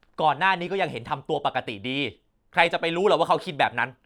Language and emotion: Thai, angry